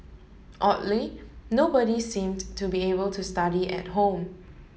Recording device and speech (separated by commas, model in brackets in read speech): mobile phone (Samsung S8), read sentence